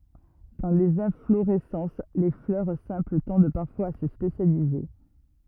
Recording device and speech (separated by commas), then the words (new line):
rigid in-ear microphone, read sentence
Dans les inflorescences, les fleurs simples tendent parfois à se spécialiser.